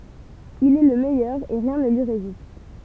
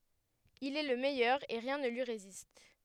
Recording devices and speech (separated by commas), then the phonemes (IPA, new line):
temple vibration pickup, headset microphone, read sentence
il ɛ lə mɛjœʁ e ʁjɛ̃ nə lyi ʁezist